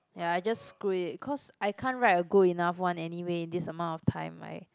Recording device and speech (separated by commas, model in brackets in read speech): close-talking microphone, conversation in the same room